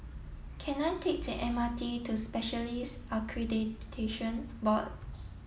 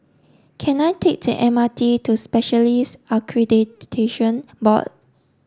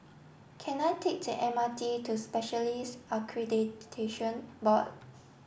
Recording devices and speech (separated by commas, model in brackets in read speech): mobile phone (iPhone 7), standing microphone (AKG C214), boundary microphone (BM630), read sentence